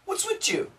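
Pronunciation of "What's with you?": In 'with you', the th connects with the y to make a ch sound, so 'you' sounds like 'chew'.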